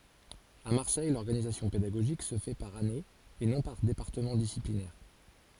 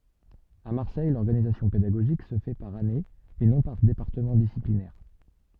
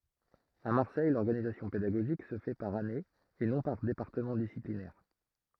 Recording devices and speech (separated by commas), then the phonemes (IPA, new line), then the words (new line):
forehead accelerometer, soft in-ear microphone, throat microphone, read sentence
a maʁsɛj lɔʁɡanizasjɔ̃ pedaɡoʒik sə fɛ paʁ ane e nɔ̃ paʁ depaʁtəmɑ̃ disiplinɛʁ
À Marseille, l’organisation pédagogique se fait par année et non par département disciplinaire.